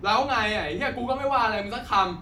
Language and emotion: Thai, angry